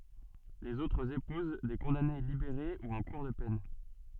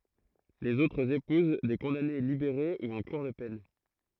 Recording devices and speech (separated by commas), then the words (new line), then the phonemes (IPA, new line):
soft in-ear microphone, throat microphone, read sentence
Les autres épousent des condamnées libérées ou en cours de peine.
lez otʁz epuz de kɔ̃dane libeʁe u ɑ̃ kuʁ də pɛn